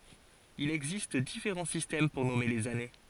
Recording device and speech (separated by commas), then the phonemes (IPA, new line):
forehead accelerometer, read sentence
il ɛɡzist difeʁɑ̃ sistɛm puʁ nɔme lez ane